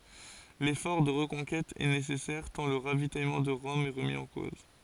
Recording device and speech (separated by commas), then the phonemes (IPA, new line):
forehead accelerometer, read sentence
lefɔʁ də ʁəkɔ̃kɛt ɛ nesɛsɛʁ tɑ̃ lə ʁavitajmɑ̃ də ʁɔm ɛ ʁəmi ɑ̃ koz